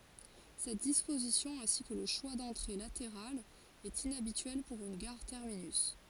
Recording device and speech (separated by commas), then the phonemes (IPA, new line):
forehead accelerometer, read sentence
sɛt dispozisjɔ̃ ɛ̃si kə lə ʃwa dɑ̃tʁe lateʁalz ɛt inabityɛl puʁ yn ɡaʁ tɛʁminys